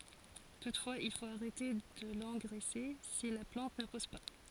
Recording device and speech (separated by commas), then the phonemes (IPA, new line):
forehead accelerometer, read sentence
tutfwaz il fot aʁɛte də lɑ̃ɡʁɛse si la plɑ̃t nə pus pa